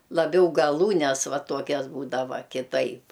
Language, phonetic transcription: Lithuanian, laˈbiau gaˈlūnes ˈva ˈtuokias ˈbūdava kiˈtaip

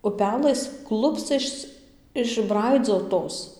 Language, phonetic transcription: Lithuanian, uˈpelɘs ˈklupscas išˈbraidzotos

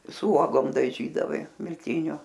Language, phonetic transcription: Lithuanian, su ˈuogom daˈžydavai milˈtiniu

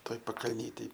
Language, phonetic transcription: Lithuanian, ˈtoj pakalˈnytėj

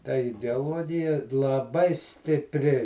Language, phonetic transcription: Lithuanian, ta ideaˈluogija laˈbai stipˈri

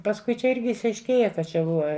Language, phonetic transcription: Lithuanian, pasˈkui čia ˈirgi išaišˈkėja ka ˈčia ˈbuva

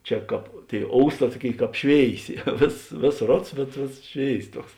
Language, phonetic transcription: Lithuanian, ˈčia ˈkāp ˈtėi ˈousˌtā ˈtuoˌkėi ˈkāp ˈšvėiˌsė ˈvėsos ˈvėsos ˈrods bet ˈvėsos ˈšvėis ˈtuoks

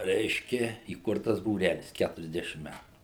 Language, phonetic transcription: Lithuanian, ˈreiškia įˈkurtas būˈrælis ˈkæturiasˌdešim ˈmætu

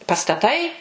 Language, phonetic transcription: Lithuanian, pastaˈtai

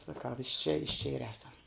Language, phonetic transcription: Lithuanian, saˈkau iš čia iš čia ir ˈesam

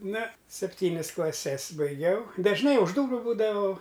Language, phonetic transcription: Lithuanian, ˈna sepˈtynis klaˈses baiˈgiau dažˈnai už ˈdūru ˈbūdavau

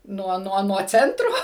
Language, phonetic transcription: Lithuanian, ˈnuo ˈnuo nuo ˈcentro

